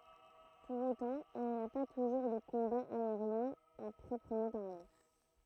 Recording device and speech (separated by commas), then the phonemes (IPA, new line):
throat microphone, read sentence
puʁ otɑ̃ il ni a pa tuʒuʁ də kɔ̃baz aeʁjɛ̃z a pʁɔpʁəmɑ̃ paʁle